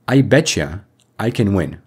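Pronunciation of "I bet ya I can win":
In 'I bet you I can win', 'bet you' is said with assimilation, so it sounds like 'betcha'.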